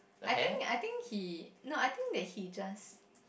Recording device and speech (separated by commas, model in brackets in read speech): boundary microphone, conversation in the same room